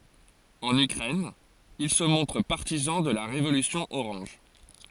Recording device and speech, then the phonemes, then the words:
forehead accelerometer, read sentence
ɑ̃n ykʁɛn il sə mɔ̃tʁ paʁtizɑ̃ də la ʁevolysjɔ̃ oʁɑ̃ʒ
En Ukraine, il se montre partisan de la Révolution orange.

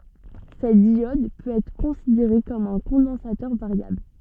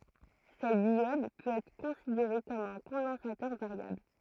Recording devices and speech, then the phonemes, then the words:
soft in-ear microphone, throat microphone, read sentence
sɛt djɔd pøt ɛtʁ kɔ̃sideʁe kɔm œ̃ kɔ̃dɑ̃satœʁ vaʁjabl
Cette diode peut être considérée comme un condensateur variable.

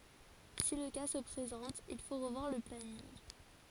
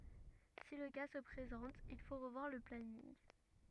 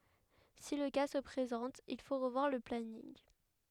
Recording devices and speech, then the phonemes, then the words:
forehead accelerometer, rigid in-ear microphone, headset microphone, read sentence
si lə ka sə pʁezɑ̃t il fo ʁəvwaʁ lə planinɡ
Si le cas se présente, il faut revoir le planning.

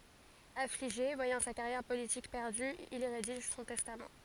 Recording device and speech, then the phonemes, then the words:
forehead accelerometer, read sentence
afliʒe vwajɑ̃ sa kaʁjɛʁ politik pɛʁdy il i ʁediʒ sɔ̃ tɛstam
Affligé, voyant sa carrière politique perdue, il y rédige son testament.

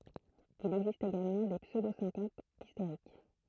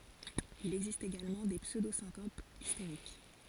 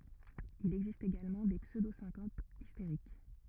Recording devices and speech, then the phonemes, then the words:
throat microphone, forehead accelerometer, rigid in-ear microphone, read sentence
il ɛɡzist eɡalmɑ̃ de psødosɛ̃kopz isteʁik
Il existe également des pseudo-syncopes hystériques.

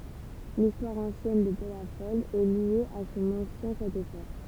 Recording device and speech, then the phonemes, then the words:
temple vibration pickup, read sentence
listwaʁ ɑ̃sjɛn də pɛlafɔl ɛ lje a sɔ̃n ɑ̃sjɛ̃ ʃato fɔʁ
L'histoire ancienne de Pellafol est liée à son ancien château fort.

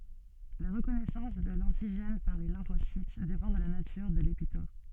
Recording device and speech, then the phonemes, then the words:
soft in-ear microphone, read sentence
la ʁəkɔnɛsɑ̃s də lɑ̃tiʒɛn paʁ le lɛ̃fosit depɑ̃ də la natyʁ də lepitɔp
La reconnaissance de l'antigène par les lymphocytes dépend de la nature de l'épitope.

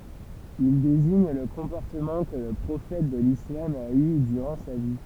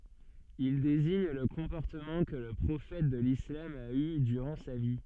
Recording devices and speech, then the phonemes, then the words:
temple vibration pickup, soft in-ear microphone, read sentence
il deziɲ lə kɔ̃pɔʁtəmɑ̃ kə lə pʁofɛt də lislam a y dyʁɑ̃ sa vi
Il désigne le comportement que le prophète de l'islam a eu durant sa vie.

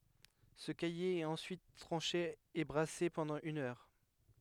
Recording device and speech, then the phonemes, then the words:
headset microphone, read sentence
sə kaje ɛt ɑ̃syit tʁɑ̃ʃe e bʁase pɑ̃dɑ̃ yn œʁ
Ce caillé est ensuite tranché et brassé pendant une heure.

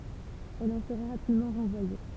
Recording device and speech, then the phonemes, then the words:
temple vibration pickup, read sentence
ɛl ɑ̃ səʁa ʁapidmɑ̃ ʁɑ̃vwaje
Elle en sera rapidement renvoyée.

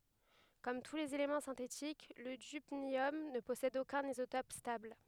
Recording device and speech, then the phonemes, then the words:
headset microphone, read sentence
kɔm tu lez elemɑ̃ sɛ̃tetik lə dybnjɔm nə pɔsɛd okœ̃n izotɔp stabl
Comme tous les éléments synthétiques, le dubnium ne possède aucun isotope stable.

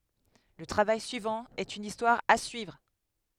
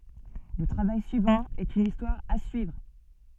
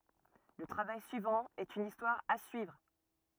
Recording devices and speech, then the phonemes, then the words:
headset microphone, soft in-ear microphone, rigid in-ear microphone, read sentence
lə tʁavaj syivɑ̃ ɛt yn istwaʁ a syivʁ
Le travail suivant est une histoire à suivre.

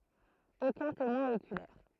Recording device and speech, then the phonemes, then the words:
throat microphone, read sentence
okœ̃ temwɛ̃ okylɛʁ
Aucun témoin oculaire.

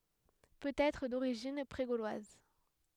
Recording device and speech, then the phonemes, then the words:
headset microphone, read sentence
pøt ɛtʁ doʁiʒin pʁe ɡolwaz
Peut-être d'origine pré-gauloise.

